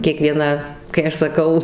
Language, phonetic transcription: Lithuanian, kieˈkviena kai ˈaš saˈkau

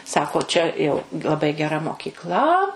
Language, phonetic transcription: Lithuanian, ˈsako ˈčia jau laˈbai geˈra mokykˈla

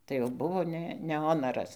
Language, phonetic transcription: Lithuanian, tai jau ˈbuvo ˈne ne ˈonaras

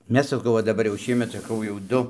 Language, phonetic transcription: Lithuanian, ˈmes saˈkau va daˈbar jau ˈšiemet saˈkau jau ˈdu

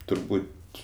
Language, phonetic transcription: Lithuanian, turˈbūt'

